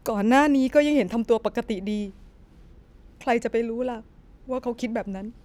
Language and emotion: Thai, sad